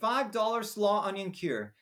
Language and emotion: English, happy